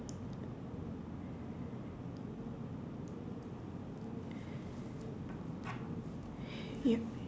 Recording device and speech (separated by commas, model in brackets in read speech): standing microphone, conversation in separate rooms